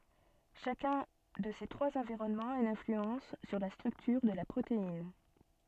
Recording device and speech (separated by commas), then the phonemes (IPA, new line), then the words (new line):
soft in-ear microphone, read sentence
ʃakœ̃ də se tʁwaz ɑ̃viʁɔnmɑ̃z a yn ɛ̃flyɑ̃s syʁ la stʁyktyʁ də la pʁotein
Chacun de ces trois environnements a une influence sur la structure de la protéine.